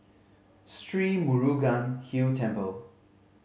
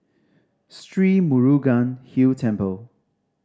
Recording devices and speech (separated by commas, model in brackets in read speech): mobile phone (Samsung C5010), standing microphone (AKG C214), read sentence